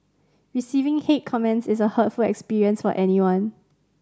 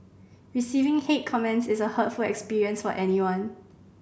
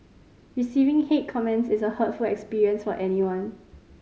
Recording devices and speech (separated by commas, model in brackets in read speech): standing microphone (AKG C214), boundary microphone (BM630), mobile phone (Samsung C5010), read sentence